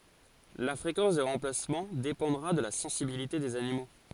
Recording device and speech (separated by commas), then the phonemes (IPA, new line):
forehead accelerometer, read sentence
la fʁekɑ̃s de ʁɑ̃plasmɑ̃ depɑ̃dʁa də la sɑ̃sibilite dez animo